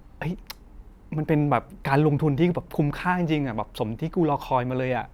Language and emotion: Thai, happy